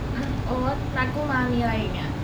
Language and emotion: Thai, frustrated